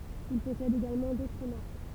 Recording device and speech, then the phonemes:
temple vibration pickup, read sentence
il pɔsɛd eɡalmɑ̃ dotʁ maʁk

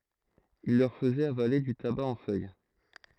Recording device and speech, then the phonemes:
throat microphone, read sentence
il lœʁ fəzɛt avale dy taba ɑ̃ fœj

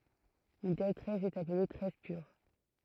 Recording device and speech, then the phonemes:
throat microphone, read sentence
yn tɛl tʁɛs ɛt aple tʁɛs pyʁ

